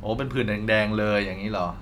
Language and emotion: Thai, neutral